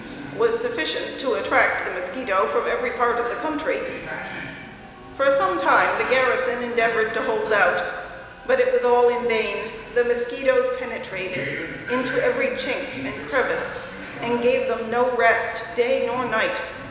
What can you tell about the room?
A large, echoing room.